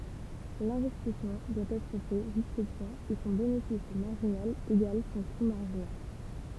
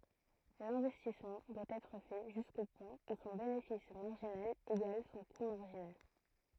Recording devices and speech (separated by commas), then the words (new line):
temple vibration pickup, throat microphone, read sentence
L'investissement doit être fait jusqu'au point où son bénéfice marginal égale son coût marginal.